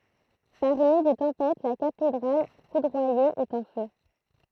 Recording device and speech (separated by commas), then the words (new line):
throat microphone, read sentence
Par une nuit de tempête, la cathédrale foudroyée est en feu.